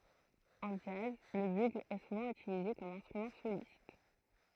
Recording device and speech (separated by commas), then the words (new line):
throat microphone, read sentence
En jazz, le bugle est souvent utilisé comme instrument soliste.